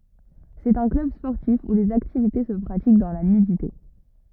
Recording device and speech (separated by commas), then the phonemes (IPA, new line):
rigid in-ear microphone, read sentence
sɛt œ̃ klœb spɔʁtif u lez aktivite sə pʁatik dɑ̃ la nydite